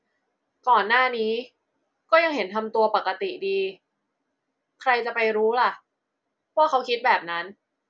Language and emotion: Thai, frustrated